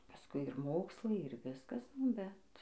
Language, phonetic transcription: Lithuanian, pasˈkui ir ˈmokslai ir ˈviskas nu ˈbet

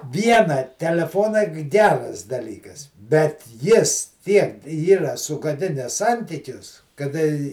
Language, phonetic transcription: Lithuanian, ˈviena teleˈfonai g ˈgeras daˈlykas bet ˈjis ˈtiek ˈyra sugaˈdines ˈsantykius kaˈda i

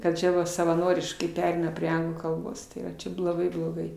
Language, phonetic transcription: Lithuanian, kad ˈčia va savaˈnoriškai ˈpereina prie ˈanglų kalˈbos ˈtai va ˈčia bloˈgai bloˈgai

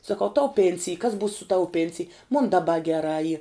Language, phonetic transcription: Lithuanian, saˈkau tau ˈpėnsij kas būs su ˈtau ˈpėnsij mun daˈba geˈrā y

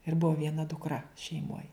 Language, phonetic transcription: Lithuanian, ir ˈbuo vieˈna dukˈra šeiˈmoj

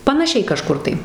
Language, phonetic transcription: Lithuanian, panaˈšiai kaˈžkur tai

